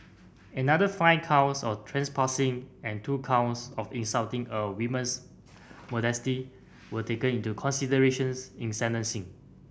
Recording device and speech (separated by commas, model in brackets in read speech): boundary microphone (BM630), read sentence